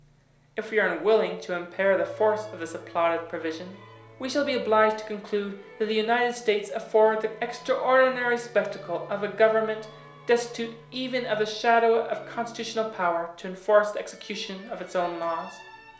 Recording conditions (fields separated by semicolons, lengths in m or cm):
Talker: one person; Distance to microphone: 1.0 m; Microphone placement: close; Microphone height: 1.1 m; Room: small (3.7 m by 2.7 m); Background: music